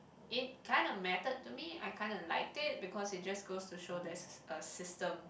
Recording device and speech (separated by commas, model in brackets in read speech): boundary microphone, conversation in the same room